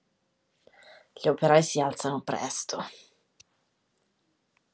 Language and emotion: Italian, disgusted